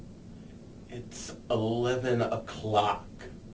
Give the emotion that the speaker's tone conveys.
disgusted